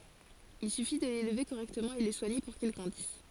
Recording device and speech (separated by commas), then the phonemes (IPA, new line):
forehead accelerometer, read sentence
il syfi də lelve koʁɛktəmɑ̃ e lə swaɲe puʁ kil ɡʁɑ̃dis